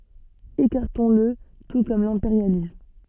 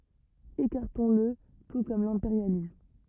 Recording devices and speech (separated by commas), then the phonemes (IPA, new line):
soft in-ear microphone, rigid in-ear microphone, read sentence
ekaʁtɔ̃sl tu kɔm lɛ̃peʁjalism